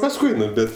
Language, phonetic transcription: Lithuanian, pasˈkui ˈnu ˈbet

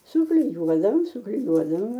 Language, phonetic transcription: Lithuanian, sukliˈjuodavom sukliˈjuodavome

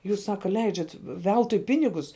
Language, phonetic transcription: Lithuanian, ˈjūs ˈsaka ˈleidžiat ˈveltui ˈpinigus

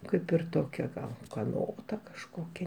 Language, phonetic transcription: Lithuanian, ˈkaip ir ˈtokia gal ukaˈnota kažˈkokia

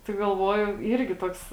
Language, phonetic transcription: Lithuanian, tai galˈvuoju ˈyrgi ˈtoks

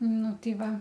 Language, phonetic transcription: Lithuanian, ˈnu ˈtai ˈva

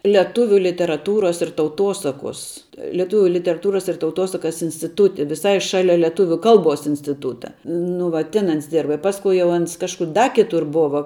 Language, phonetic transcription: Lithuanian, leˈtuviu literaˈtūros ir tauˈtosakos leˈtūviu literaˈtūras ir tauˈtosakas instiˈtūti viˈsai ˈšalia leˈtuvių ˈkalˌbos instiˈtūta nu ˈva ˈtin ˈans ˈdirba i pasˈku jau ˈans ˈkažkur da kiˈtur ˈbova

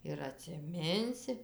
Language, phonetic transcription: Lithuanian, ir atsiˈminsi

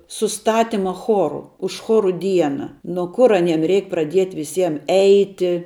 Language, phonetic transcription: Lithuanian, suˈstatima ˈchoru už ˈchoru ˈdiena no ˈkur aˈniem ˈreik praˈdiet' viˈsiem ˈeiti

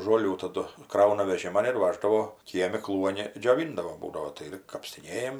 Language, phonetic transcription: Lithuanian, žoˈlių taˈdu ˈkrauna veˈžiman ir ˈvaždavo ˈkiemi ˈkluoni džioˈvindavo ˈbūdavo tai ˈir kapstiˈnėjam

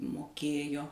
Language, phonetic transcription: Lithuanian, moˈkėjo

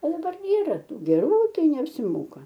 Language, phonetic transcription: Lithuanian, o daˈbar ˈyra ˈtų geˈrų ˈtai neapsiˈmoka

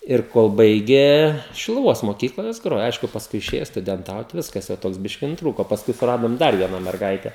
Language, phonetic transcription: Lithuanian, ir ˈkol ˈbaigė šiluˈvos moˈkykla jos ˈgrojo ˈaišku pasˈkui iˈšėjo studenˈtaut ˈviskas jau ˈtoks ˈbiški nutˈrūko o pasˈkui suˈradom ˈdar ˈviena merˈgaite

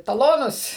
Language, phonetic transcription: Lithuanian, taˈlonus

